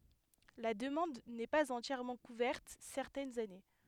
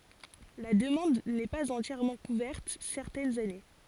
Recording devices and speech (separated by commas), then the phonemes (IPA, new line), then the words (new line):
headset microphone, forehead accelerometer, read sentence
la dəmɑ̃d nɛ paz ɑ̃tjɛʁmɑ̃ kuvɛʁt sɛʁtɛnz ane
La demande n'est pas entièrement couverte certaines années.